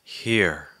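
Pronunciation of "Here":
'Here' is said with falling intonation.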